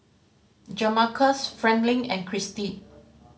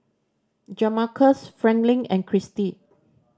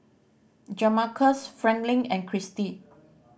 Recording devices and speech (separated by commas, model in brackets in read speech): mobile phone (Samsung C5010), standing microphone (AKG C214), boundary microphone (BM630), read sentence